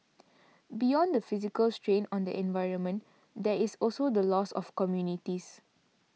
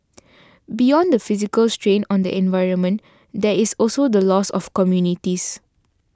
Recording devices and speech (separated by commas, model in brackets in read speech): mobile phone (iPhone 6), standing microphone (AKG C214), read sentence